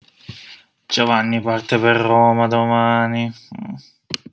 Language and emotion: Italian, disgusted